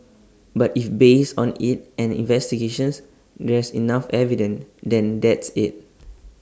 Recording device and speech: standing microphone (AKG C214), read sentence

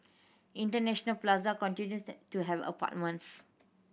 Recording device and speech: boundary microphone (BM630), read sentence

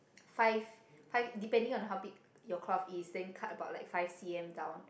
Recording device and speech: boundary microphone, conversation in the same room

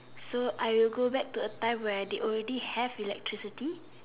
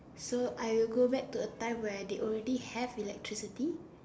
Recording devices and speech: telephone, standing microphone, conversation in separate rooms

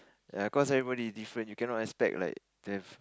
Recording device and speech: close-talking microphone, conversation in the same room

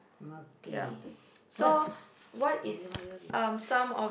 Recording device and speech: boundary microphone, conversation in the same room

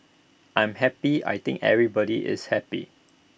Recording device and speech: boundary microphone (BM630), read sentence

